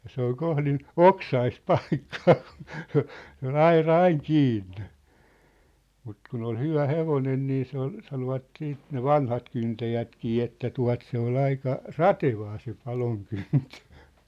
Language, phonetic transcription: Finnish, ja 'se ‿ol 'kohlin , "oksaist "palkkᴀᴀ kᴜɴ , se ‿ol 'aira 'aiŋ 'kiinnᴇ , mut kun ‿ol 'hyvä "hevonen nii se ‿ol , 'sanovat siit ne "vanhat kyntäjätkii että 'tua̭t se ‿ol 'aika , "ratevaa se 'paloŋkyntö .
- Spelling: ja se oli kohdin oksaista paikkaa kun se oli aura aina kiinni mutta kun oli hyvä hevonen niin se oli sanoivat siitä ne vanhat kyntäjätkin että tuota se oli aika ratevaa se palonkyntö

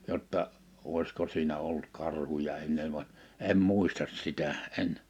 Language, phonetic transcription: Finnish, 'jotta , '’òisko siinä 'olt 'karhuja 'enne van , 'em "mùistas 'sitä , '’en .
- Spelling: jotta olisiko siinä ollut karhuja ennen vaan en muista sitä en

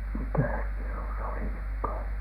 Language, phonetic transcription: Finnish, mikä̀s piru se oli nyk ko ?
- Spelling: mikäs piru se oli nyt kun

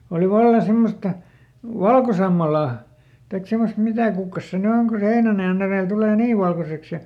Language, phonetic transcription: Finnish, oli ˈvalla ˈsemmosta , "valkosammalà , taik ˈsemost ˈmitä̀ kukkas se ny ˈoŋ ku se ˈheinänajan ‿erèl ˈtulè "nii valkoseks ja ,.
- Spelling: oli vallan semmoista valkosammalaa tai semmoista mitä kukkasta se nyt on kun se heinänajan edellä tulee niin valkoiseksi ja

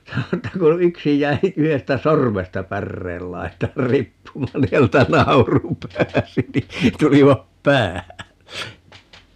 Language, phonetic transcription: Finnish, 'sano että ko "yksi 'j̀äi , 'yhestä "sormesta "pärreel 'lai̮taar 'rippumaan ni 'häneltä "nauru 'pääsi ni , 'tulivap "päälle » .
- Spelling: sanoi että kun yksi jäi yhdestä sormesta päreen laitaan riippumaan niin häneltä nauru pääsi niin tulivat päälle

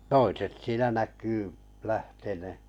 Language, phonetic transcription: Finnish, toiset siinä 'näk̆kyy , 'lähtenè .
- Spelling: toiset siinä näkyy lähteneen

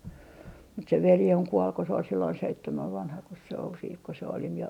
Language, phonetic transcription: Finnish, mut se 'veli oŋ 'kuol ko se ol silloin 'seittemäv 'vanhakos se ol siit ko se oli mie ,.
- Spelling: mutta se veli on kuoli kun se oli silloin seitsemän vanhakos se oli sitten kun se oli minä

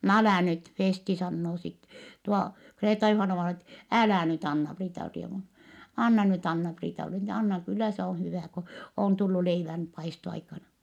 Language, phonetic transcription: Finnish, » n ‿älä̀ nyt » Feesti sannoo sit , tuo Kreeta-Juhana-vaina et , » älä̀ nyt ‿Anna-Priita-rievun , anna nyt Anna-Priitale , (ni) anna , kyllä se on̬ hyvä̀ , ko , òn tullu leivän , paisto₍aikana » .
- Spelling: no älä nyt Festi sanoo sitten tuo Kreeta-Juhanna-vainaja että älä nyt Anna-Priita-rievun anna nyt Anna-Priitalle niin anna kyllä se on hyvä kun on tullut leivän paistoaikana

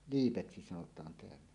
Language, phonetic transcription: Finnish, 'liipeksi sanot̀aan teällä .
- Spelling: liipeksi sanotaan täällä

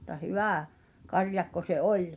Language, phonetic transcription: Finnish, [mu]t̆ta "hyvä̀ , 'karjakko se "’oĺ .
- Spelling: mutta hyvä karjakko se oli

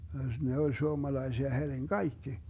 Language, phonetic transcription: Finnish, 'ne ol 'suomalaisia heŕiŋ "kaikki .
- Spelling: ne oli suomalaisia herin kaikki

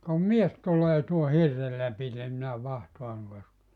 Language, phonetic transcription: Finnish, » ka 'mies tulee tuo 'hirrel läpitem minä 'vahtoaŋ kuuŋka ‿s[e] . «
- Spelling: ka mies tulee tuon hirren lävitse minä vahtaan kuinka se

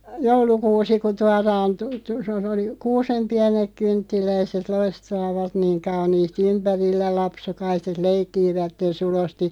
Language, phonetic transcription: Finnish, joulukuusi ku 'tuaraan tu- tu- (se o-) sᵉ oli , » 'kuusem 'piänek 'kynttiläiset 'loistaavat niiŋ 'kauniisti 'ympärillä 'lapsukaiset "leikkiivätten sulosti « ,.
- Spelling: joulukuusi kun tuodaan - - - - se oli kuusen pienet kynttiläiset loistavat niin kauniisti ympärillä lapsukaiset leikkivät sulosti

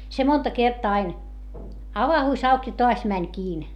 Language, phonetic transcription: Finnish, se monta kertaa ain , avahùs ‿auk ja toas mäń kiin .
- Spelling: se monta kertaa aina avautui auki ja taas meni kiinni

